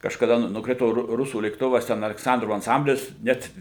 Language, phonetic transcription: Lithuanian, kažkaˈda ˈnu nukˈrito ˈru ˈrusų lėkˈtuvas ˈten alekˈsandrovo anˈsamblis ˈnet

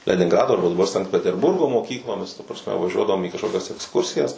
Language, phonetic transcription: Lithuanian, leninˈgrado arˈba daˈbar sankt peterˈburgo moˈkyklomis ta prasˈme vaˈžiuodavom į kažˈkokias eksˈkursijas

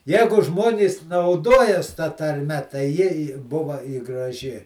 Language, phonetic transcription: Lithuanian, ˈjegu ˈžmonys nauˈdojas ta tarˈme tai ˈji i ˈbuva i graˈži

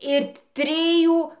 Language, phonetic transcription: Lithuanian, ir ˈtrijų

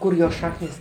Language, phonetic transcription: Lithuanian, ˈkur jos ˈšaknis

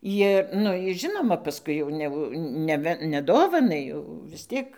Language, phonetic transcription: Lithuanian, ˈjir ˈnu is ˈžinoma paˈskui jau neˈvu neˈve neˈdovanai jau vis ˈtiek

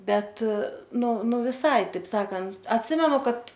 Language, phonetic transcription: Lithuanian, ˈbet ˈnu ˈnu viˈsai ˈtaip ˈsakant atˈsimenu ˈkad

